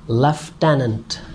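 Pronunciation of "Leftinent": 'Lieutenant' is given its British pronunciation here, said as 'leftenant'.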